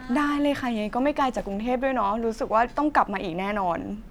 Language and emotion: Thai, happy